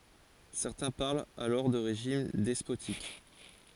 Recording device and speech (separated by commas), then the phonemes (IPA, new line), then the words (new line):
forehead accelerometer, read sentence
sɛʁtɛ̃ paʁlt alɔʁ də ʁeʒim dɛspotik
Certains parlent alors de régime despotique.